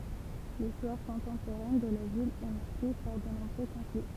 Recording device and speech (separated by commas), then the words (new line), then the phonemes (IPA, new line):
temple vibration pickup, read sentence
L'histoire contemporaine de la ville est marquée par de nombreux conflits.
listwaʁ kɔ̃tɑ̃poʁɛn də la vil ɛ maʁke paʁ də nɔ̃bʁø kɔ̃fli